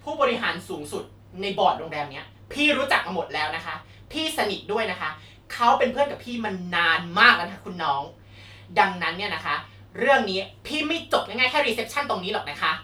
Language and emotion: Thai, angry